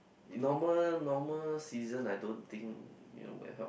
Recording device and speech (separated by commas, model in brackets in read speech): boundary microphone, conversation in the same room